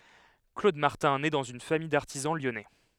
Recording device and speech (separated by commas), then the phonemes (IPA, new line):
headset microphone, read sentence
klod maʁtɛ̃ nɛ dɑ̃z yn famij daʁtizɑ̃ ljɔnɛ